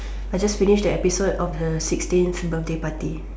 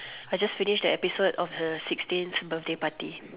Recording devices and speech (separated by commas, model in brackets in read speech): standing microphone, telephone, conversation in separate rooms